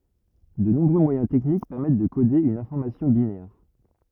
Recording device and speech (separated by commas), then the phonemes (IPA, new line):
rigid in-ear microphone, read sentence
də nɔ̃bʁø mwajɛ̃ tɛknik pɛʁmɛt də kode yn ɛ̃fɔʁmasjɔ̃ binɛʁ